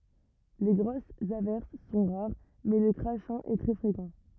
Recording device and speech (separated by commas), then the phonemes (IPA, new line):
rigid in-ear microphone, read sentence
le ɡʁosz avɛʁs sɔ̃ ʁaʁ mɛ lə kʁaʃɛ̃ ɛ tʁɛ fʁekɑ̃